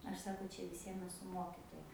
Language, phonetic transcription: Lithuanian, ˈaš ˈsako ˈčia viˈsiem eˈsu ˈmokitoja

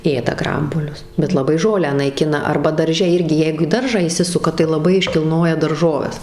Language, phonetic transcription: Lithuanian, ˈėda ˈgrambuolius bet laˈbai ˈžolę naiˈkina ˈarba darˈže ˈirgi ˈjeigu į ˈdaržą įˈsisuka tai laˈbai iškilˈnoja darˈžoves

